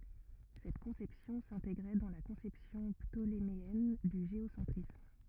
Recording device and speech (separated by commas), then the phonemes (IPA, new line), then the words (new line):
rigid in-ear microphone, read sentence
sɛt kɔ̃sɛpsjɔ̃ sɛ̃teɡʁɛ dɑ̃ la kɔ̃sɛpsjɔ̃ ptolemeɛn dy ʒeosɑ̃tʁism
Cette conception s'intégrait dans la conception ptoléméenne du géocentrisme.